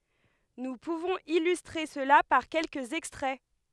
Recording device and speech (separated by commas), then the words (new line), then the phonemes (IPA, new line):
headset microphone, read sentence
Nous pouvons illustrer cela par quelques extraits.
nu puvɔ̃z ilystʁe səla paʁ kɛlkəz ɛkstʁɛ